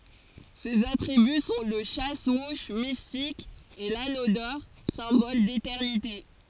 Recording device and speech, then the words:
forehead accelerometer, read sentence
Ses attributs sont le chasse-mouches mystique et l'anneau d'or, symbole d'éternité.

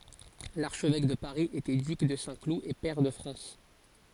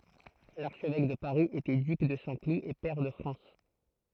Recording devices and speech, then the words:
forehead accelerometer, throat microphone, read sentence
L'archevêque de Paris était duc de Saint-Cloud et pair de France.

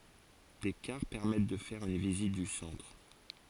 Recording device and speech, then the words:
forehead accelerometer, read sentence
Des cars permettent de faire une visite du centre.

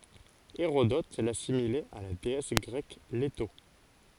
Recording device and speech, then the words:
forehead accelerometer, read sentence
Hérodote l'assimilait à la déesse grecque Léto.

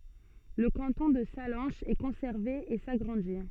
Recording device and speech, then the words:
soft in-ear microphone, read sentence
Le canton de Sallanches est conservé et s'agrandit.

